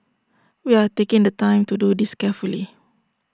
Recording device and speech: standing microphone (AKG C214), read sentence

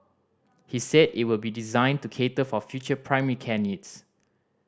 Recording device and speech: standing microphone (AKG C214), read sentence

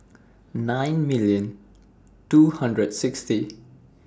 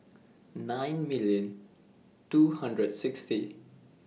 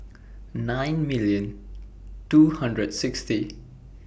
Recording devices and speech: standing microphone (AKG C214), mobile phone (iPhone 6), boundary microphone (BM630), read sentence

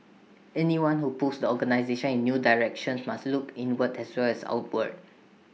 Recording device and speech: mobile phone (iPhone 6), read sentence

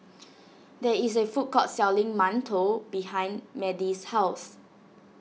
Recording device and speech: mobile phone (iPhone 6), read sentence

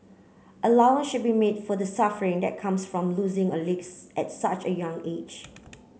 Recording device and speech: mobile phone (Samsung C9), read sentence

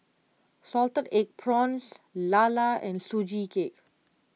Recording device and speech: mobile phone (iPhone 6), read sentence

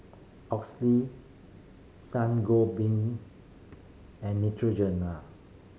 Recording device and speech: mobile phone (Samsung C5010), read sentence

